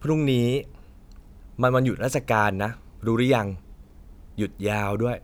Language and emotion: Thai, frustrated